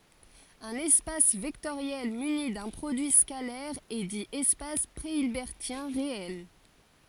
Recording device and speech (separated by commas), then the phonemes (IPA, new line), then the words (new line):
forehead accelerometer, read sentence
œ̃n ɛspas vɛktoʁjɛl myni dœ̃ pʁodyi skalɛʁ ɛ di ɛspas pʁeilbɛʁtjɛ̃ ʁeɛl
Un espace vectoriel muni d'un produit scalaire est dit espace préhilbertien réel.